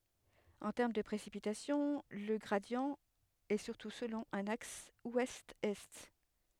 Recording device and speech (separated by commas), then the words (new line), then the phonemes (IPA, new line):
headset microphone, read sentence
En termes de précipitations, le gradient est surtout selon un axe ouest-est.
ɑ̃ tɛʁm də pʁesipitasjɔ̃ lə ɡʁadi ɛ syʁtu səlɔ̃ œ̃n aks wɛstɛst